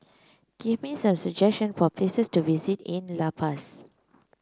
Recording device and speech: close-talking microphone (WH30), read sentence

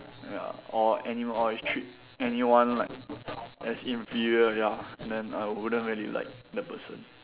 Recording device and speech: telephone, conversation in separate rooms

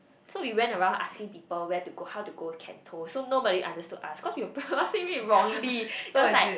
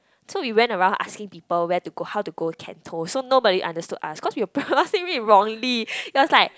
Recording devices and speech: boundary microphone, close-talking microphone, conversation in the same room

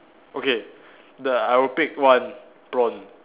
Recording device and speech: telephone, conversation in separate rooms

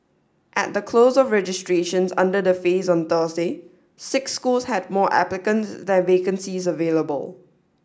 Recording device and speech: standing microphone (AKG C214), read sentence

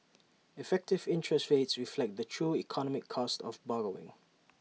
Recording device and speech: mobile phone (iPhone 6), read sentence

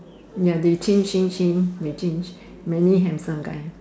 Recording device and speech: standing microphone, conversation in separate rooms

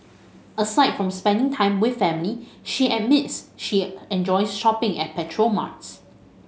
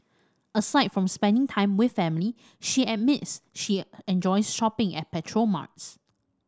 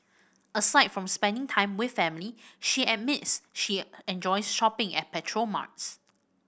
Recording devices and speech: mobile phone (Samsung S8), standing microphone (AKG C214), boundary microphone (BM630), read sentence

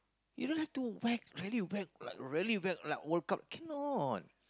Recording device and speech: close-talking microphone, conversation in the same room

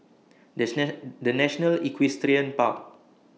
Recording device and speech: mobile phone (iPhone 6), read sentence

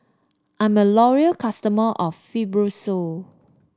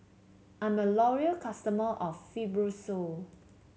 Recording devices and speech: standing microphone (AKG C214), mobile phone (Samsung C7), read sentence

